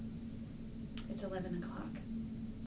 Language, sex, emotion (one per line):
English
female
neutral